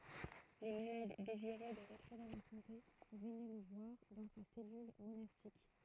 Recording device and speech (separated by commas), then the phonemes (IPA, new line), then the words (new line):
throat microphone, read sentence
le malad deziʁø də ʁətʁuve la sɑ̃te vənɛ lə vwaʁ dɑ̃ sa sɛlyl monastik
Les malades désireux de retrouver la santé venaient le voir dans sa cellule monastique.